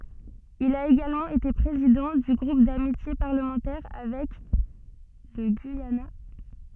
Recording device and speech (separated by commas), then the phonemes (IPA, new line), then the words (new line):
soft in-ear microphone, read sentence
il a eɡalmɑ̃ ete pʁezidɑ̃ dy ɡʁup damitje paʁləmɑ̃tɛʁ avɛk lə ɡyijana
Il a également été président du groupe d'amitié parlementaire avec le Guyana.